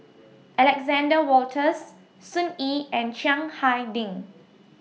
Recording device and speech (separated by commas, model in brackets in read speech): mobile phone (iPhone 6), read sentence